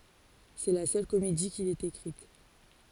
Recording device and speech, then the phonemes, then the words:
forehead accelerometer, read sentence
sɛ la sœl komedi kil ɛt ekʁit
C’est la seule comédie qu'il ait écrite.

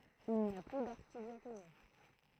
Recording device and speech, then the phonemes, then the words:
throat microphone, read sentence
il ni a ply daʁʃidjakone
Il n'y a plus d'archidiaconé.

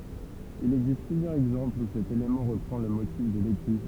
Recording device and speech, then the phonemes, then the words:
temple vibration pickup, read sentence
il ɛɡzist plyzjœʁz ɛɡzɑ̃plz u sɛt elemɑ̃ ʁəpʁɑ̃ lə motif də leky
Il existe plusieurs exemples où cet élément reprend le motif de l'écu.

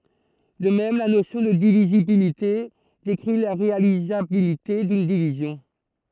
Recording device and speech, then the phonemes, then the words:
throat microphone, read sentence
də mɛm la nosjɔ̃ də divizibilite dekʁi la ʁealizabilite dyn divizjɔ̃
De même, la notion de divisibilité décrit la réalisabilité d’une division.

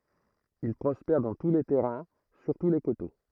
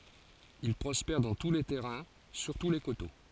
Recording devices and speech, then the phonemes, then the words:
throat microphone, forehead accelerometer, read sentence
il pʁɔspɛʁ dɑ̃ tu le tɛʁɛ̃ syʁtu le koto
Il prospère dans tous les terrains, surtout les coteaux.

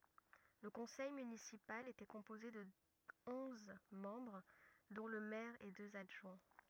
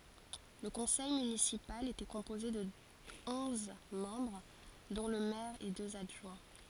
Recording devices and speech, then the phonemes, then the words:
rigid in-ear microphone, forehead accelerometer, read sentence
lə kɔ̃sɛj mynisipal etɛ kɔ̃poze də ɔ̃z mɑ̃bʁ dɔ̃ lə mɛʁ e døz adʒwɛ̃
Le conseil municipal était composé de onze membres dont le maire et deux adjoints.

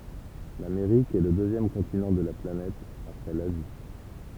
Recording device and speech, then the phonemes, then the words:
temple vibration pickup, read sentence
lameʁik ɛ lə døzjɛm kɔ̃tinɑ̃ də la planɛt apʁɛ lazi
L'Amérique est le deuxième continent de la planète après l'Asie.

